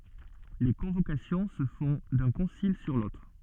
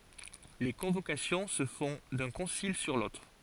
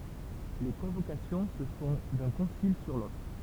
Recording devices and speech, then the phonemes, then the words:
soft in-ear microphone, forehead accelerometer, temple vibration pickup, read sentence
le kɔ̃vokasjɔ̃ sə fɔ̃ dœ̃ kɔ̃sil syʁ lotʁ
Les convocations se font d’un concile sur l’autre.

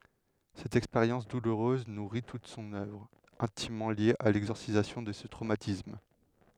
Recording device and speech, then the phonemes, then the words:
headset microphone, read sentence
sɛt ɛkspeʁjɑ̃s duluʁøz nuʁi tut sɔ̃n œvʁ ɛ̃timmɑ̃ lje a lɛɡzɔʁsizasjɔ̃ də sə tʁomatism
Cette expérience douloureuse nourrit toute son œuvre, intimement liée à l'exorcisation de ce traumatisme.

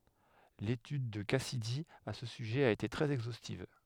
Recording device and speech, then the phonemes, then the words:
headset microphone, read sentence
letyd də kasidi a sə syʒɛ a ete tʁɛz ɛɡzostiv
L'étude de Cassidy à ce sujet a été très exhaustive.

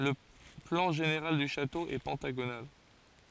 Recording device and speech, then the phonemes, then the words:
forehead accelerometer, read sentence
lə plɑ̃ ʒeneʁal dy ʃato ɛ pɑ̃taɡonal
Le plan général du château est pentagonal.

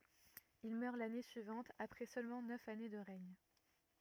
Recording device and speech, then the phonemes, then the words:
rigid in-ear microphone, read sentence
il mœʁ lane syivɑ̃t apʁɛ sølmɑ̃ nœf ane də ʁɛɲ
Il meurt l'année suivante après seulement neuf années de règne.

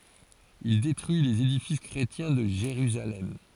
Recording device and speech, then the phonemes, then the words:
forehead accelerometer, read sentence
il detʁyi lez edifis kʁetjɛ̃ də ʒeʁyzalɛm
Il détruit les édifices chrétiens de Jérusalem.

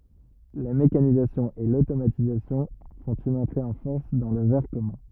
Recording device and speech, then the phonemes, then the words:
rigid in-ear microphone, read sentence
la mekanizasjɔ̃ e lotomatizasjɔ̃ fɔ̃t yn ɑ̃tʁe ɑ̃ fɔʁs dɑ̃ lə vɛʁ kɔmœ̃
La mécanisation et l'automatisation font une entrée en force dans le verre commun.

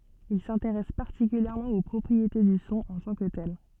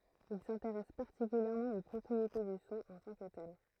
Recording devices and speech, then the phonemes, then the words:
soft in-ear microphone, throat microphone, read sentence
il sɛ̃teʁɛs paʁtikyljɛʁmɑ̃ o pʁɔpʁiete dy sɔ̃ ɑ̃ tɑ̃ kə tɛl
Il s'intéresse particulièrement aux propriétés du son en tant que tel.

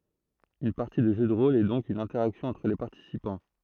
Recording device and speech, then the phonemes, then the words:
throat microphone, read sentence
yn paʁti də ʒø də ʁol ɛ dɔ̃k yn ɛ̃tɛʁaksjɔ̃ ɑ̃tʁ le paʁtisipɑ̃
Une partie de jeu de rôle est donc une interaction entre les participants.

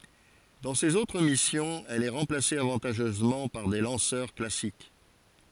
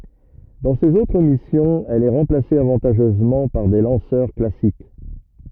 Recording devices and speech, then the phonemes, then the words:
forehead accelerometer, rigid in-ear microphone, read sentence
dɑ̃ sez otʁ misjɔ̃z ɛl ɛ ʁɑ̃plase avɑ̃taʒœzmɑ̃ paʁ de lɑ̃sœʁ klasik
Dans ses autres missions, elle est remplacée avantageusement par des lanceurs classiques.

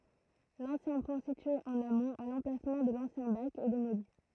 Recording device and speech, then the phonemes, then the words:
throat microphone, read sentence
lɑ̃sjɛ̃ pɔ̃ sitye ɑ̃n amɔ̃t a lɑ̃plasmɑ̃ də lɑ̃sjɛ̃ bak ɛ demoli
L'ancien pont situé en amont, à l'emplacement de l'ancien bac, est démoli.

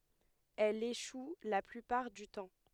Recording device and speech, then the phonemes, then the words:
headset microphone, read sentence
ɛl eʃu la plypaʁ dy tɑ̃
Elle échoue la plupart du temps.

